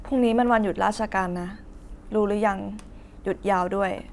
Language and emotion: Thai, frustrated